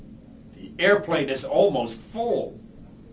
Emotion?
disgusted